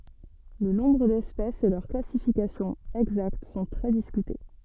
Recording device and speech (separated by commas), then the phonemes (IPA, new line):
soft in-ear microphone, read sentence
lə nɔ̃bʁ dɛspɛsz e lœʁ klasifikasjɔ̃ ɛɡzakt sɔ̃ tʁɛ diskyte